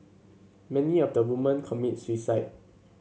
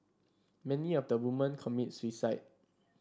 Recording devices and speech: mobile phone (Samsung C7), standing microphone (AKG C214), read sentence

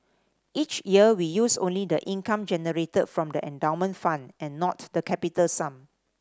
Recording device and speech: standing microphone (AKG C214), read sentence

